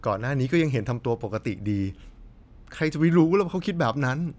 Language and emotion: Thai, frustrated